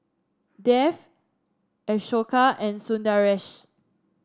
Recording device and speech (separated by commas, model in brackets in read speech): standing microphone (AKG C214), read sentence